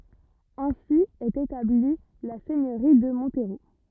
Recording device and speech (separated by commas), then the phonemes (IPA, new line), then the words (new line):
rigid in-ear microphone, read sentence
ɛ̃si ɛt etabli la sɛɲøʁi də mɔ̃tʁo
Ainsi est établie la seigneurie de Montereau.